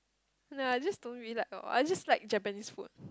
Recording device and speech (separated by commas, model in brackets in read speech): close-talking microphone, conversation in the same room